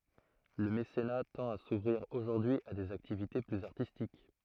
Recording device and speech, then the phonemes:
throat microphone, read sentence
lə mesena tɑ̃t a suvʁiʁ oʒuʁdyi a dez aktivite plyz aʁtistik

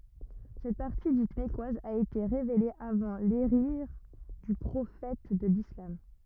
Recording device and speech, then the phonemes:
rigid in-ear microphone, read sentence
sɛt paʁti dit mɛkwaz a ete ʁevele avɑ̃ leʒiʁ dy pʁofɛt də lislam

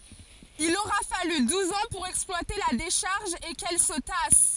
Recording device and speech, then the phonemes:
forehead accelerometer, read sentence
il oʁa faly duz ɑ̃ puʁ ɛksplwate la deʃaʁʒ e kɛl sə tas

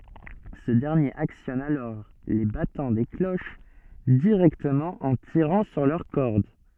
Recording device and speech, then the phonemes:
soft in-ear microphone, read sentence
sə dɛʁnjeʁ aksjɔn alɔʁ le batɑ̃ de kloʃ diʁɛktəmɑ̃ ɑ̃ tiʁɑ̃ syʁ lœʁ kɔʁd

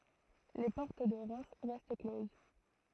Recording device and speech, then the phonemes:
throat microphone, read sentence
le pɔʁt də ʁɛm ʁɛst kloz

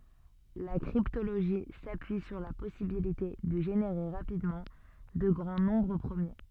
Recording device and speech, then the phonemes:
soft in-ear microphone, read sentence
la kʁiptoloʒi sapyi syʁ la pɔsibilite də ʒeneʁe ʁapidmɑ̃ də ɡʁɑ̃ nɔ̃bʁ pʁəmje

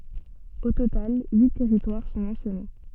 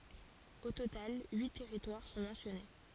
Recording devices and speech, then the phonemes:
soft in-ear microphone, forehead accelerometer, read sentence
o total yi tɛʁitwaʁ sɔ̃ mɑ̃sjɔne

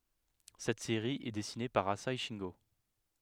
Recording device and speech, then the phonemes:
headset microphone, read sentence
sɛt seʁi ɛ dɛsine paʁ aze ʃɛ̃ɡo

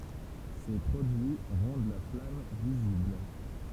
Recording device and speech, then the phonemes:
temple vibration pickup, read sentence
se pʁodyi ʁɑ̃d la flam vizibl

